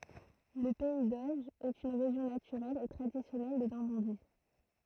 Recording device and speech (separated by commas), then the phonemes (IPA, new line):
throat microphone, read sentence
lə pɛi doʒ ɛt yn ʁeʒjɔ̃ natyʁɛl e tʁadisjɔnɛl də nɔʁmɑ̃di